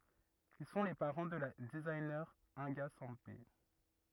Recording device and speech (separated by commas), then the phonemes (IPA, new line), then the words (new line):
rigid in-ear microphone, read sentence
il sɔ̃ le paʁɑ̃ də la dəziɲe ɛ̃ɡa sɑ̃pe
Ils sont les parents de la designer Inga Sempé.